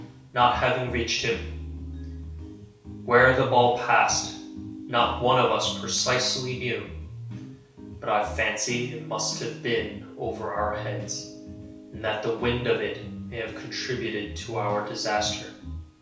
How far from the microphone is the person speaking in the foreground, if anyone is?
3.0 m.